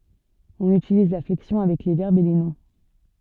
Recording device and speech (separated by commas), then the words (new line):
soft in-ear microphone, read sentence
On utilise la flexion avec les verbes et les noms.